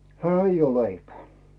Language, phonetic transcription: Finnish, 'hä̀‿ : » ᵉij ‿oo 'leipᵉä̀ « .
- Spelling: häh ei ole leipää

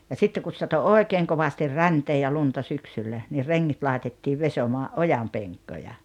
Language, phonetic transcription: Finnish, ja 'sitteŋ kus sato "òekeeŋ kovastir "räntee ja "lunta 'syksyllä , ni 'reŋŋit laetettiiv 'vesomaa’ "’ojampeŋkkoja .
- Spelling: ja sitten kun satoi oikein kovasti räntää ja lunta syksyllä niin rengit laitettiin vesomaan ojanpenkkoja

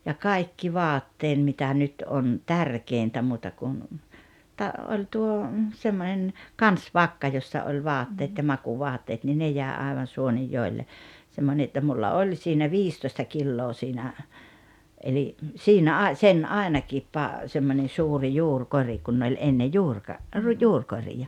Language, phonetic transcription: Finnish, ja "kai̬kki "vaatteen mitä ’nyt '’on "tärkèintä muuta kun , ta- ’oĺ tuo , 'semmonen , "kans"vakka jossa oĺ 'vaatteet ja 'makuu'voattaat ni 'ne jä̀e aevan 'Suonijjoelle , 'semmone että 'mulla 'oĺ siinä "viistoⁱsta 'killoo siinä , eli , 'siinä 'ài̬- , 'sen "àenakiip pa- , 'semmońen̬ 'suuri "juurkori kun oĺ 'enne "juurka- , ru- 'juurkorija .
- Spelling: ja kaikki vaatteeni mitä nyt on tärkeintä muuta kuin - oli tuo semmoinen kansivakka jossa oli vaatteet ja makuuvaatteet niin ne jäi aivan Suonenjoelle semmoinen että minulla oli siinä viisitoista kiloa siinä eli siinä - sen ainakin - semmoinen suuri juurikori kun oli ennen - - juurikoreja

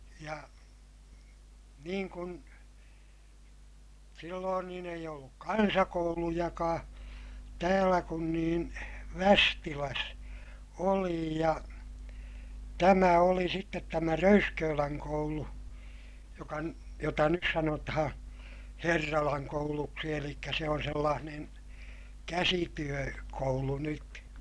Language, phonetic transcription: Finnish, ja , niiŋ kun , silloon niin ‿eij olluk kansakoulujakaa , täällä kun niin , Västiläs , oli ja , tämä oli sittet tämä Röyskööläŋ koulu , jokan- , jota nyt sanotahaa̰ , Herralaŋ kouluksi elikkä se on sellaanen , käsityö- , -koulu nyt .
- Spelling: ja niin kuin silloin niin ei ollut kansakoulujakaan täällä kun niin Västilässä oli ja tämä oli sitten tämä Röyskölän koulu - jota nyt sanotaan Herralan kouluksi eli se on sellainen - käsityökoulu nyt

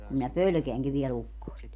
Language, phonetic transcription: Finnish, kum minä "pölᵒ̈keäŋki viɛ'l ‿ukkoest .
- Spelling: kun minä pelkäänkin vielä ukkosta

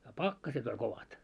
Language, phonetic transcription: Finnish, ja "pakkaset ‿oĺ 'kovat .
- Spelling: ja pakkaset oli kovat

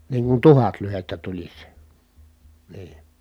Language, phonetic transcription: Finnish, niiŋ kun tuhat lyhettä tuĺis , nii .
- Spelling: niin kuin tuhat lyhdettä tulisi niin

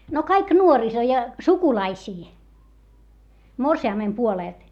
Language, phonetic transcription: Finnish, no kaik nuoriso ja , sukulaisii , morsi₍àmmem puolèlt .
- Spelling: no kaikki nuoriso ja sukulaisia morsiamen puolelta

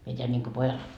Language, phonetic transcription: Finnish, mie teän ńiŋko 'pojal ,.
- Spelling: minä teen niin kuin pojalle

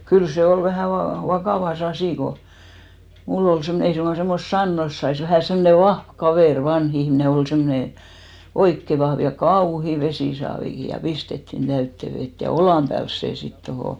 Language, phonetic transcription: Finnish, 'kyl 'se ol vähä va- , "vakàva"s ‿asì ko , 'mull ‿ol semmᵒne , 'ei suŋɢa semmost "sannos sais vähä̀ 'semne "vahv 'kavèr , 'vanh ‿ihmne ol semmᵒne "oikke 'vahv , ja "kauhi 'vesìsaaviki ja 'pistettin 'täytte 'vet ja "olàm pääls 'sè sit 'tohò .
- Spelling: kyllä se oli vähän - vakava asia kun minulla oli semmoinen ei suinkaan semmoista sanoa saisi vähän semmoinen vahva kaveri vanha ihminen oli semmoinen oikein vahva ja kauhea vesisaavikin ja pistettiin täyteen vettä ja olan päälle se sitten tuohon

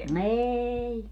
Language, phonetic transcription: Finnish, "eeei .
- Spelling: ei

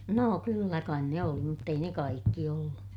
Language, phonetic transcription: Finnish, noo kyllä kain ne oli mutt ‿ei ne kaikki ollu .
- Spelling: no kyllä kai ne oli mutta ei ne kaikki ollut

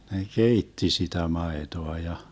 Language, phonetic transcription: Finnish, ne "keitti sitä 'maetoa ja ,.
- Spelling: ne keitti sitä maitoa ja

